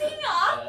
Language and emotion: Thai, happy